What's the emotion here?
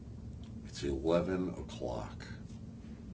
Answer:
neutral